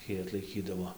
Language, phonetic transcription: Lithuanian, ˈtį atlaiˈkydavo

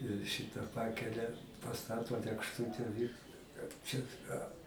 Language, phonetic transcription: Lithuanian, ir ˈšita ˈpakelia paˈstato lėkšˈtute vi kad ˈčia a

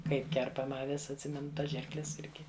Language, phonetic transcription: Lithuanian, ˈkaip ˈkerpama aˈvis atˈsimenu ˈtas ˈžirkles ˈirgi

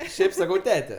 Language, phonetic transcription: Lithuanian, ˈšiaip saˈkau ˈtete

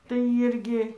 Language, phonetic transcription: Lithuanian, tai ˈyrgi

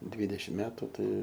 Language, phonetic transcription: Lithuanian, ˈdvydešim ˈmetu ˈtai

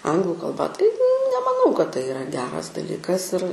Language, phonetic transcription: Lithuanian, ˈanglu kalˈba tai nemaˈnau kad tai iˈra ˈgeras daˈlykas ir

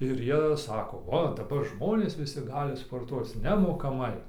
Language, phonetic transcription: Lithuanian, ir ˈjie ˈsako ˈo daˈbar ˈžmonės ˈvisi ˈgali sporˈtuoc nemokaˈmai

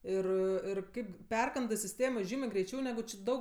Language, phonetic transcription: Lithuanian, ˈir ir ˈkaip ˈperkandɜ siˈstėmo ˈžymė greiˈčiau neˈgu či ˈdaug

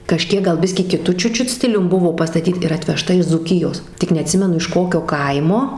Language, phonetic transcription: Lithuanian, kažˈkiek gal ˈbiskį kiˈtu ˈčiut ˈčiut ˈstilium ˈbuvo pastaˈtyt ir atveˈžta iš dzūˈkijos tik neaˈtsimenu iš ˈkokio ˈkaimo

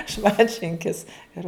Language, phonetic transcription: Lithuanian, ˈšmantšinkis ˈir

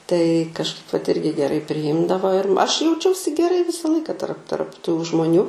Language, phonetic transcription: Lithuanian, tai kažˈkaip vat ˈirgi geˈrai priˈjimdavo ir aš jauˈčiausi geˈrai ˈvisa ˈlaika tarp tarp tų žmoˈnių

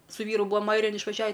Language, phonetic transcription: Lithuanian, su ˈvyru ˈbūam ˈairijan išvaˈžiavi

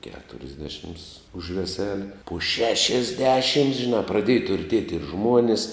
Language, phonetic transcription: Lithuanian, keturisˈdešims už veˈseli po šešisˈdešims žiˈnā praˈdėja turˈtiet' ir ˈžmuonis

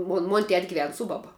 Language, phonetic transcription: Lithuanian, ˈmon mon' tet' giˈven ˈsu baba

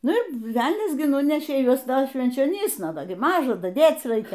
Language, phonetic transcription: Lithuanian, ˈnu ir ˈvelnias gi ˈnunešė ˈjuos dar švenčioˈnysna ˈda gi ˈmaža daˈdėc ˈraikia

